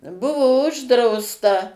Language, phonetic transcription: Lithuanian, ˈbuvo ˈuždrausta

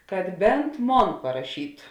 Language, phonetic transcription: Lithuanian, kad ˈbent ˈmon paraˈšytu

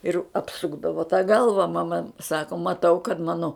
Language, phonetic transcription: Lithuanian, ir apˈsukdavo ta ˈgalva maˈma ˈsako maˈtau kad ˈmano

